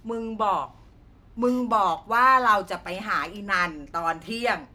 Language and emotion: Thai, frustrated